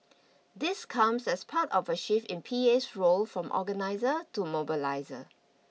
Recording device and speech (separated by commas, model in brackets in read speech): mobile phone (iPhone 6), read sentence